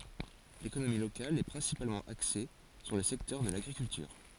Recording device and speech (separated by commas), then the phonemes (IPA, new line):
forehead accelerometer, read sentence
lekonomi lokal ɛ pʁɛ̃sipalmɑ̃ akse syʁ lə sɛktœʁ də laɡʁikyltyʁ